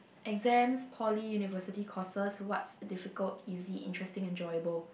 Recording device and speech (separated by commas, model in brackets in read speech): boundary microphone, conversation in the same room